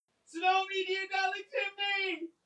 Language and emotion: English, fearful